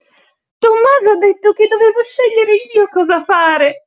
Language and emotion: Italian, happy